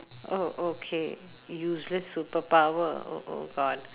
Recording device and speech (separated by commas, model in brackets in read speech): telephone, conversation in separate rooms